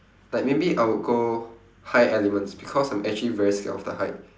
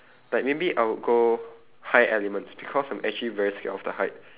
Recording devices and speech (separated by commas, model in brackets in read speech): standing microphone, telephone, conversation in separate rooms